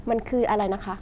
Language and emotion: Thai, neutral